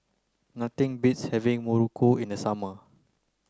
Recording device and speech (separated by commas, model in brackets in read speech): close-talking microphone (WH30), read sentence